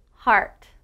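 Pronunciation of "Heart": The word said is 'heart', not 'hurt'.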